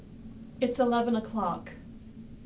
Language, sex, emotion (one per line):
English
female
neutral